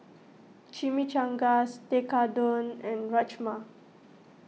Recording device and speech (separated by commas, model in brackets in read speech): mobile phone (iPhone 6), read sentence